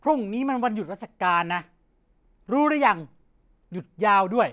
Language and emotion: Thai, angry